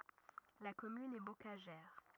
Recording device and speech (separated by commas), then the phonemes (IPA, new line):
rigid in-ear microphone, read sentence
la kɔmyn ɛ bokaʒɛʁ